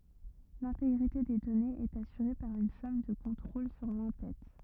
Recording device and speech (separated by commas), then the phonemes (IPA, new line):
rigid in-ear microphone, read sentence
lɛ̃teɡʁite de dɔnez ɛt asyʁe paʁ yn sɔm də kɔ̃tʁol syʁ lɑ̃ tɛt